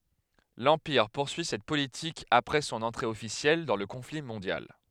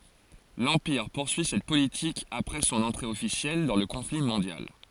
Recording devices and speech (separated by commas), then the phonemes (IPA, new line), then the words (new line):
headset microphone, forehead accelerometer, read sentence
lɑ̃piʁ puʁsyi sɛt politik apʁɛ sɔ̃n ɑ̃tʁe ɔfisjɛl dɑ̃ lə kɔ̃fli mɔ̃djal
L'Empire poursuit cette politique après son entrée officielle dans le conflit mondial.